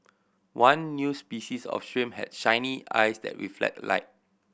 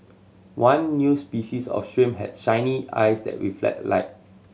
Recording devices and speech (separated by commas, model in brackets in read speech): boundary microphone (BM630), mobile phone (Samsung C7100), read sentence